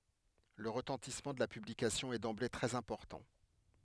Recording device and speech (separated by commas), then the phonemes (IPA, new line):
headset microphone, read sentence
lə ʁətɑ̃tismɑ̃ də la pyblikasjɔ̃ ɛ dɑ̃ble tʁɛz ɛ̃pɔʁtɑ̃